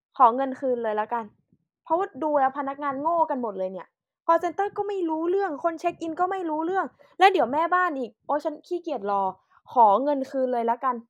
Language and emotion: Thai, frustrated